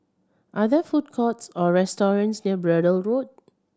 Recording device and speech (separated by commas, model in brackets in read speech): standing microphone (AKG C214), read sentence